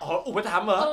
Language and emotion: Thai, happy